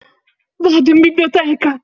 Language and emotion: Italian, happy